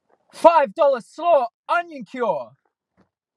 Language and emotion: English, fearful